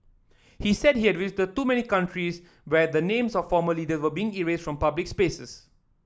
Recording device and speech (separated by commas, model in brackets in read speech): standing microphone (AKG C214), read sentence